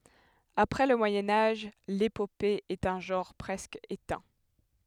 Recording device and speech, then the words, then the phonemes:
headset microphone, read sentence
Après le Moyen Âge, l’épopée est un genre presque éteint.
apʁɛ lə mwajɛ̃ aʒ lepope ɛt œ̃ ʒɑ̃ʁ pʁɛskə etɛ̃

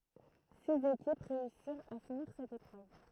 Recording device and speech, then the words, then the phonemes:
throat microphone, read sentence
Six équipes réussirent à finir cette épreuve.
siz ekip ʁeysiʁt a finiʁ sɛt epʁøv

